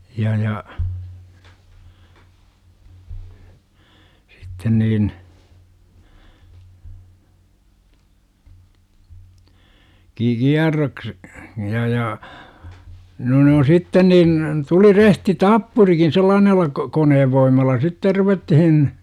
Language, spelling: Finnish, ja ja sitten niin - - ja ja no ne on sitten niin tuli rehti tappurikin sellaisella - koneen voimalla sitten ruvettiin
- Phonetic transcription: ja ja , sitten niin , ki- "kiarroks- , ja ja , no ne on "sitten niin , 'tuli rehti "tappurikin 'sellaanella , ko- 'koneevvoim̆malla sitter 'ruvettihin .

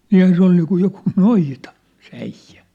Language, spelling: Finnish, niinhän se oli niin kuin joku noita se äijä
- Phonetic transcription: niihän 'se ‿ol niikuj 'jokuu "noita , se 'äijjä !

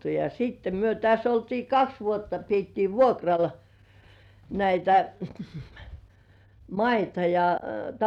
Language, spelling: Finnish, ja sitten me tässä oltiin kaksi vuotta pidettiin vuokralla näitä maita ja
- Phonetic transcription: ja siitte myö täs ‿oltii "kaks 'vuotta piettii "vuokral , näitä , 'maita ja - - .

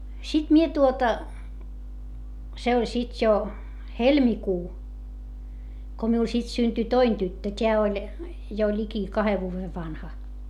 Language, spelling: Finnish, sitten minä tuota se oli sitten jo helmikuu kun minulle sitten syntyi toinen tyttö tämä oli jo liki kahden vuoden vanha
- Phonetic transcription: sit mie tuota , se oĺ sit jo , helmikuu , ko miul sit synty toin tyttö t́eä oĺ , jo ĺiki kahe vuuve vanha .

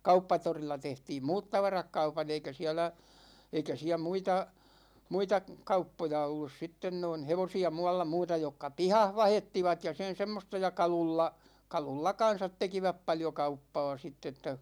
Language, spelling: Finnish, Kauppatorilla tehtiin muut tavarat kaupan eikä siellä eikä siellä muita muita kauppoja ollut sitten noin hevosia muualla muuta jotka pihassa vaihettivat ja sen semmoista ja kaluilla kaluilla kanssa tekivät paljon kauppaa sitten että
- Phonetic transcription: Kauppatorilla 'tehtiim "muut 'tavarak 'kaupan̬ eikä 'siɛlä , 'eikä siä 'muita , 'muita "kauppoja 'ollus 'sitten noin̬ "hevosi₍a 'mu₍alla 'muuta jokka "pihah 'vahettivat ja 'sen̬ 'semmosta ja "kalulla , 'kalulla "kan̬sat 'tekiväp 'paljo 'kauppaa sitt ‿että .

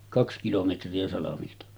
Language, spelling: Finnish, kaksi kilometriä salmilta
- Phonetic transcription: 'kaks kilometri₍ä salamilta .

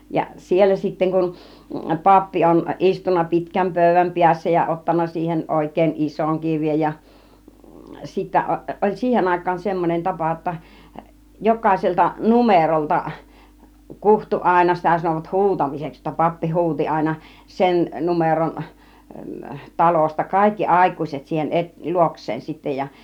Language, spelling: Finnish, ja siellä sitten kun pappi on istunut pitkän pöydän päässä ja ottanut siihen oikein ison kirjan ja sitten - oli siihen aikaan semmonen tapa jotta jokaiselta numerolta kutsui aina sitä sanovat huutamiseksi jotta pappi huusi aina sen numeron talosta kaikki aikuiset siihen - luokseen sitten ja
- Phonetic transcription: ja 'siellä sitteŋ kun , 'pappi on "ˀistunna 'pitkäm 'pö̀y̆v̆väm piässä ja 'ottanna siihen 'òik̆kèin "isoŋ 'kiŕjaj ja , 'sittä , o- , 'ˀol "siihen 'àik̆kaan "semmon͕en 'tapa ‿°tta , 'jok̆kàiselta "numerolta , 'kuhtu àina , 'sitä sanòvat "hu̬utamiseks , jotta 'pappi "hu̬uti àina , 'sen , 'numeron , 'talosta , 'kàikki "àik̀ùiset siihen 'ˀett- , 'luoks̆seen sittej ja .

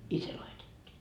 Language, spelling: Finnish, i se laitettiin
- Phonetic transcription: 'i 'se laitettii .

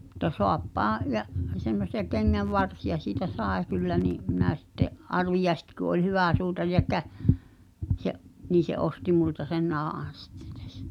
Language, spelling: Finnish, mutta saappaan ja semmoisia kengänvarsia siitä sai kyllä niin minä sitten Arvi Jääski kun oli hyvä suutari ja - se niin se osti minulta sen nahan sitten tässä
- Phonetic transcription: ᵐᵘᵗta "soappaaa̰ , ja’ , semmos̀ia 'keŋŋäv"varsija siitä "sàe kyllä ni’ , mⁱnä sitte’ , '’Arvi Jeäski ku ’oĺ 'hyvä̀ suutar (jä kä-) se’ , nii se '’osti multa sen "nahàn̬ sɪttᴇ(ɴ) tᴀ̈s[sä] .

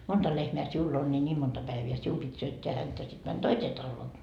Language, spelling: Finnish, monta lehmää sinulla on niin niin monta päivää sinun piti syöttää häntä sitten meni toiseen taloon
- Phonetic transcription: 'monta lehmeä 'siull ‿on ni 'ńiim monta 'päivi₍ä "sium pit 'syötteä häntä sit män "toisee 'talloo .

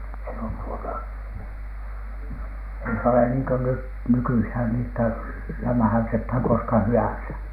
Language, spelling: Finnish, se on tuota ei se ole niin kuin nyt nykyisin niin että lämmähdytetään koska hyvänsä
- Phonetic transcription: se on tuota , ei se ole niiŋ ko 'nyt , "nykyihän ni ‿että , 'lämᵃ̈häytethän koska "hy₍änsä .

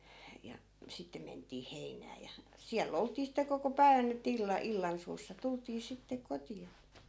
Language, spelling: Finnish, ja sitten mentiin heinään ja siellä oltiin sitten koko päivän että - illansuussa tultiin sitten kotiin
- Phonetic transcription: ja 'sitte ment̀ii 'hein̆nää ja , 'siäll ‿olt̀ii sitte koko "päi̮vän ‿ettᵃ̈ 'illa- , 'illansuussa 'tult̆tii 'sitte 'koti₍a .

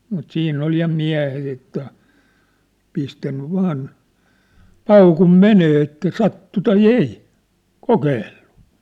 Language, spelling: Finnish, mutta siinä oli ja miehet että pistänyt vain paukun menemään että sattui tai ei kokeillut
- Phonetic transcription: mut 'siinn ‿ol ja "miä̭het ‿että , 'pistänny 'vaan , "paukum 'menee että "sattu tai "ei , "kokeellᴜ .

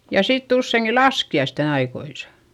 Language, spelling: Finnish, ja sitten useinkin laskiaisten ajoissa
- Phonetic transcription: ja sitt ‿usseiŋki laski₍aisten aikoisa .

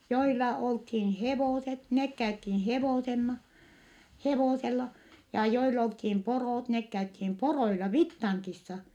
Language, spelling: Finnish, joilla oltiin hevoset ne käytiin - hevosella ja joilla oltiin porot ne käytiin poroilla Vittangissa
- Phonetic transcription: joila olthiin hevòset , nek käythin hevòsenna , hevòsella , ja joil ‿olthim poròt , nek käythim poroila Vittaŋkissa .

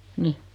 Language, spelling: Finnish, niin
- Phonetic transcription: 'ni .

